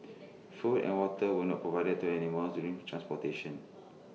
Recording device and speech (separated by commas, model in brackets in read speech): mobile phone (iPhone 6), read sentence